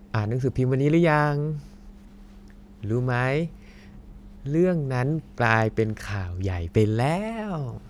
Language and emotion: Thai, happy